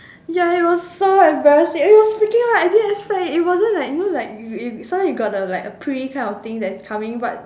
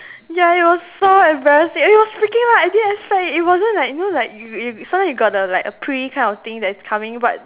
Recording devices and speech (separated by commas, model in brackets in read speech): standing microphone, telephone, conversation in separate rooms